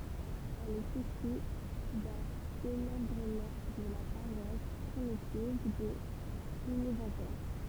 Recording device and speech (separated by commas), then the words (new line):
temple vibration pickup, read sentence
Elle est issue d'un démembrement de la paroisse primitive de Plounéventer.